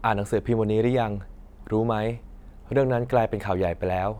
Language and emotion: Thai, neutral